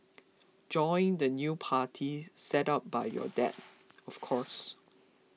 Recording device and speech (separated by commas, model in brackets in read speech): mobile phone (iPhone 6), read sentence